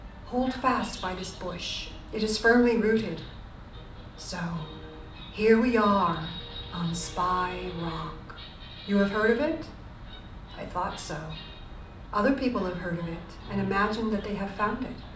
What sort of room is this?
A mid-sized room (about 5.7 m by 4.0 m).